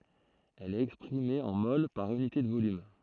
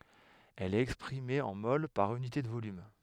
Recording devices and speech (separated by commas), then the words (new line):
throat microphone, headset microphone, read sentence
Elle est exprimée en moles par unité de volume.